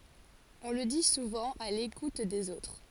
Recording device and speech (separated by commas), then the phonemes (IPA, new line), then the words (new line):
forehead accelerometer, read sentence
ɔ̃ lə di suvɑ̃ a lekut dez otʁ
On le dit souvent à l’écoute des autres.